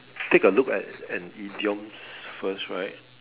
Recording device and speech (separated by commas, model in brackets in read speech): telephone, conversation in separate rooms